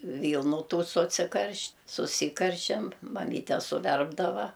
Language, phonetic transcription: Lithuanian, ˈvylnu ˈtų suciˈkaršt' suˈsykaršiam maˈmyte suˈverpdava

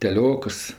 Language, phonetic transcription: Lithuanian, teˈliokas

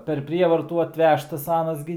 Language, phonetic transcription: Lithuanian, per ˈprievartų atˈvežtas ˈanas gi

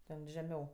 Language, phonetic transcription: Lithuanian, ten žeˈmiau

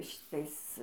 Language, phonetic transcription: Lithuanian, šiˈtais

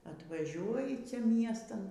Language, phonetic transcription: Lithuanian, atvaˈžiuoji ˈcia ˈmiestan

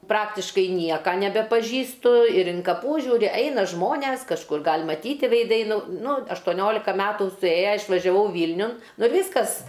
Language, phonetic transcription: Lithuanian, ˈpraktiškai ˈnieka nebepaˈžįstu ir in kaˈpų ˈžiūri ˈeina ˈžmones kažˈkur ˈgal' maˈtyti veiˈdai ˈnu ˈnu aštoˈniolika ˈmetų suˈėja išvažiaˈvau ˈvylniun ˈnu ir ˈvyskas

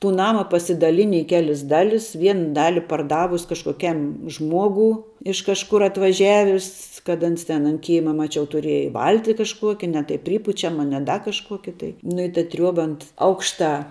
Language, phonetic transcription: Lithuanian, tų ˈnama pasidaˈlini i ˈkelis ˈdalis ˈvien ˈdali parˈdavus kažkoˈkiam ˈžmuogū iš kažˈkur atvaˈžiavis kad ˈans ten ant ˈkėma maˈčiau tuˈrieja ˈvalti kažˈkuokia ne tai ˈprypučiama ne ˈda kažˈkuoki tai nu i ta ˈtriuoba ant ˈaukštā

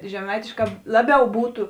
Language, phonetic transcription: Lithuanian, žeˈmaitėšˌkā ˈlaˌbiau ˈbūtu

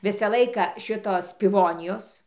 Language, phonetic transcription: Lithuanian, ˈvisa ˈlaika ˈšitos piˈvonijos

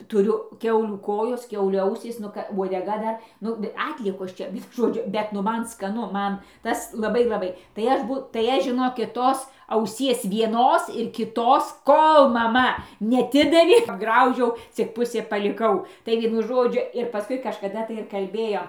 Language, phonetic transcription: Lithuanian, tuˈriu ˈkiaulių ˈkojos ˈkiaulių ˈausys ˈnu ka vuodeˈga ˈdar ˈnu ˈatliekosˈ čia ˈvienu ˈžodžiu ˈbet nu ˈman skaˈnu ˈman ˈtas laˈbai laˈbai tai ˈaš ˈbū tai ˈaš žiˈnokit ˈtos auˈsies vieˈnos ir kiˈtos ˈkol maˈma neaˈtidavė apˈgraužiau cik ˈpusė paliˈkau tai ˈvienu ˈžodžiu ir paˈskui kažkaˈda tai ir kalˈbėjom

